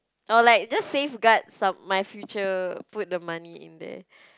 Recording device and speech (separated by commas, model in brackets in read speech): close-talking microphone, conversation in the same room